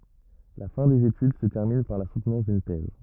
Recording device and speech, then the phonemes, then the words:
rigid in-ear microphone, read sentence
la fɛ̃ dez etyd sə tɛʁmin paʁ la sutnɑ̃s dyn tɛz
La fin des études se termine par la soutenance d'une thèse.

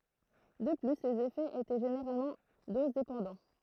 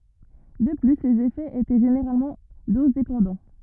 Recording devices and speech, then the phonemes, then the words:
throat microphone, rigid in-ear microphone, read sentence
də ply lez efɛz etɛ ʒeneʁalmɑ̃ dozdepɑ̃dɑ̃
De plus, les effets étaient généralement dose-dépendants.

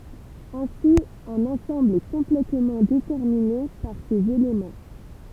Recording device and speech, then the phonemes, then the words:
temple vibration pickup, read sentence
ɛ̃si œ̃n ɑ̃sɑ̃bl ɛ kɔ̃plɛtmɑ̃ detɛʁmine paʁ sez elemɑ̃
Ainsi un ensemble est complètement déterminé par ses éléments.

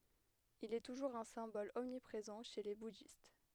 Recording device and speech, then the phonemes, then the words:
headset microphone, read sentence
il ɛ tuʒuʁz œ̃ sɛ̃bɔl ɔmnipʁezɑ̃ ʃe le budist
Il est toujours un symbole omniprésent chez les bouddhistes.

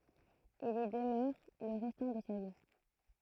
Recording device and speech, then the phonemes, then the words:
throat microphone, read sentence
il i dəmœʁ lə ʁɛstɑ̃ də sa vi
Il y demeure le restant de sa vie.

